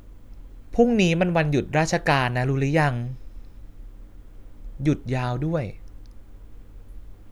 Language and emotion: Thai, frustrated